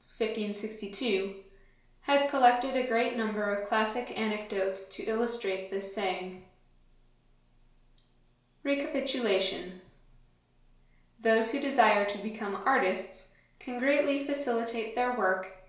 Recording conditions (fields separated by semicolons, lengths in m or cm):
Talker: one person; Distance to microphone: 1.0 m; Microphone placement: close; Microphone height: 1.1 m; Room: small (3.7 m by 2.7 m); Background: none